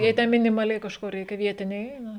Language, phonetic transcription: Lithuanian, jei ˈte minimaˈliai kažˈko ˈreikia ˈvietiniai ˈeina

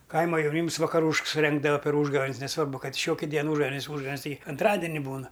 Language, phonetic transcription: Lithuanian, ˈkaima jauˈnyms vakaˈrūšks suˈrengdava per ˈūžgavėn's neˈsvarbu ˈkad i ˈšioki ˈdien ˈūžgavėnis ˈūžgavėnis ˈtigi anˈtradini ˈbūna

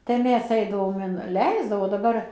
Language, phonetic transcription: Lithuanian, tai ˈmes ˈeidavom inˈleisdavo daˈbar

